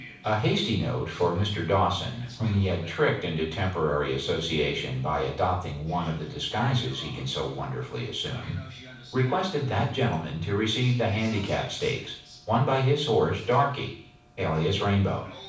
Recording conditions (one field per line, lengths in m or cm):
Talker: one person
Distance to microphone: 5.8 m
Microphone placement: far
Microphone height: 1.8 m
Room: medium-sized (5.7 m by 4.0 m)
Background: television